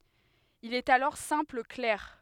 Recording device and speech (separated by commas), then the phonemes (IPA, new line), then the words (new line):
headset microphone, read sentence
il ɛt alɔʁ sɛ̃pl klɛʁ
Il est alors simple clerc.